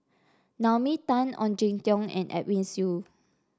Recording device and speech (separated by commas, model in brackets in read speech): standing microphone (AKG C214), read sentence